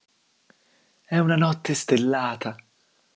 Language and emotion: Italian, happy